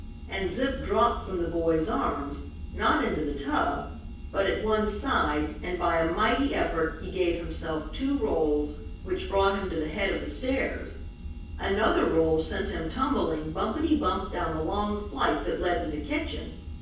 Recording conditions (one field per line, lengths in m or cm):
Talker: one person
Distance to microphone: 9.8 m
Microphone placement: far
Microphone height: 1.8 m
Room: large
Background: none